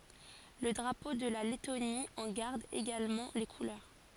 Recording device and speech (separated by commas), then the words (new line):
forehead accelerometer, read sentence
Le drapeau de la Lettonie en garde également les couleurs.